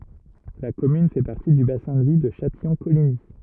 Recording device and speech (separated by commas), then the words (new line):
rigid in-ear microphone, read sentence
La commune fait partie du bassin de vie de Châtillon-Coligny.